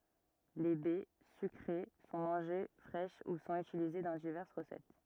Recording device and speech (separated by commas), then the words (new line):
rigid in-ear microphone, read sentence
Les baies, sucrées, sont mangées fraîches ou sont utilisées dans diverses recettes.